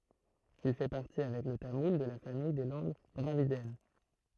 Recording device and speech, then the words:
throat microphone, read sentence
Il fait partie, avec le tamoul, de la famille des langues dravidiennes.

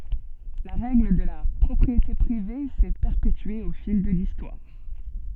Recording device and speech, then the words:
soft in-ear microphone, read sentence
La règle de la propriété privée s’est perpétuée au fil de l’histoire.

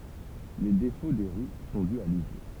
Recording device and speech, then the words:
temple vibration pickup, read sentence
Les défauts des roues sont dus à l'usure.

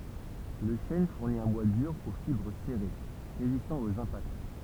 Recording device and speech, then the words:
temple vibration pickup, read sentence
Le chêne fournit un bois dur aux fibres serrées, résistant aux impacts.

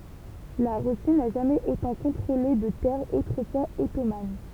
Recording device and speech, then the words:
temple vibration pickup, read sentence
La Russie n'a jamais autant contrôlé de terres autrefois ottomanes.

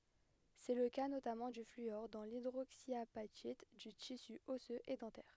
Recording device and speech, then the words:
headset microphone, read sentence
C'est le cas notamment du fluor dans l'hydroxyapatite du tissu osseux et dentaire.

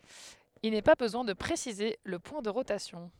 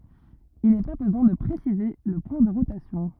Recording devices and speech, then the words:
headset microphone, rigid in-ear microphone, read sentence
Il n'est pas besoin de préciser le point de rotation.

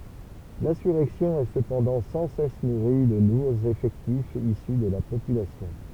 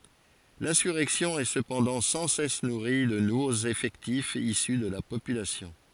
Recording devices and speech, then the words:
temple vibration pickup, forehead accelerometer, read sentence
L'insurrection est cependant sans cesse nourrie de nouveaux effectifs issus de la population.

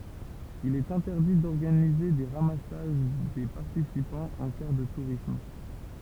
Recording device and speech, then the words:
temple vibration pickup, read sentence
Il est interdit d'organiser des ramassages des participants en car de tourisme.

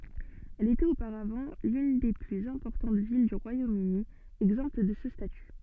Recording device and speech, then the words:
soft in-ear microphone, read sentence
Elle était auparavant l'une des plus importantes villes du Royaume-Uni exemptes de ce statut.

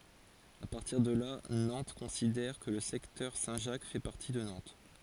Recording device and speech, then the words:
forehead accelerometer, read sentence
À partir de là, Nantes considère que le secteur Saint-Jacques fait partie de Nantes.

